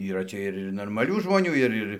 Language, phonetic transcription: Lithuanian, yˈra ˈcia ir ir normaˈlių žmoˈnių ir ˈir

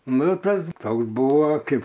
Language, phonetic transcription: Lithuanian, ˈnu ˈtas ˈtoks ˈbūvo ˈkaip

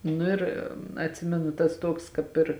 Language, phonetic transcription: Lithuanian, ˈnu ir atˈsimenu tas ˈtuoks kāp ˈir

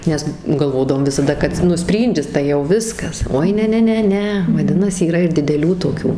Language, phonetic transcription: Lithuanian, nes galˈvodavom visaˈda kad ir ˈnu ˈspryndis tai jau ˈviskas ˈoi ˈne ˈne ˈne vaˈdinasi yˈra ir dideˈlių toˈkių

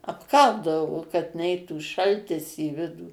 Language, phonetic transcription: Lithuanian, apˈkaldavo kad ˈneitų ˈšaltis į ˈvidų

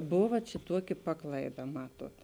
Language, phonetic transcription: Lithuanian, ˈbova ˈčia ˈtuoˌki ˈpaklaiˌda ˈmaˌtuot

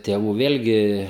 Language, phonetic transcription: Lithuanian, tėˈvų ˈvėlgi

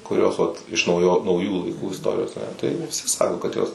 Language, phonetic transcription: Lithuanian, kuˈrios ˈvat iš nauˈjo nauˈjų laiˈkų isˈtorijos tai viˈsi ˈsako kad ˈjos

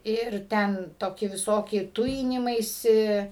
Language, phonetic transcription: Lithuanian, ˈir ˈten ˈtoki viˈsoki ˈtujinimaisi

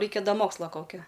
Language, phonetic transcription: Lithuanian, ˈraikia ˈda ˈmoksla ˈkokia

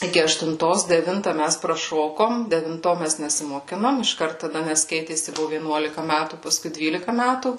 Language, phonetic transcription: Lithuanian, ˈiki aštunˈtos deˈvinta ˈmæs praˈšokom devinˈto ˈmæs nesimoˈkinom išˈkart taˈda ˈnes ˈkeitėsi ˈbuvu vieˈnuolika ˈmætų paˈskui ˈdvylika ˈmætų

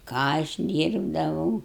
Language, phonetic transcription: Lithuanian, ˈką aš ˈdyrbdavau

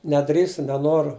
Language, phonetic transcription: Lithuanian, neˈdrįstu neˈnoru

